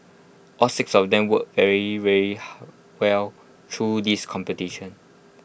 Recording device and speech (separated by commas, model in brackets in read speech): boundary microphone (BM630), read sentence